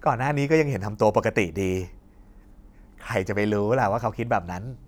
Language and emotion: Thai, happy